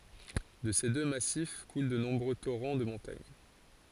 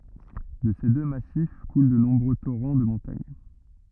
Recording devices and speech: forehead accelerometer, rigid in-ear microphone, read sentence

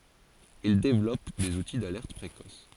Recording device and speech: forehead accelerometer, read sentence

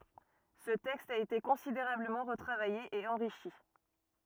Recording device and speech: rigid in-ear microphone, read sentence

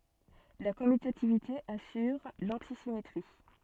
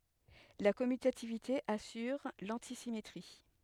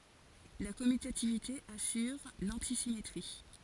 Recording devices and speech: soft in-ear microphone, headset microphone, forehead accelerometer, read sentence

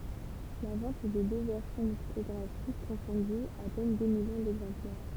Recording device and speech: temple vibration pickup, read sentence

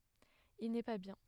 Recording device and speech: headset microphone, read sentence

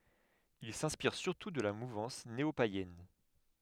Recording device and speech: headset microphone, read sentence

